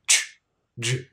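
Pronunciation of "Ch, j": The ch and j sounds are both affricates, and both are said short.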